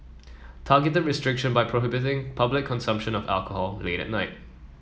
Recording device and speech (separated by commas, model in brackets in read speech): mobile phone (iPhone 7), read sentence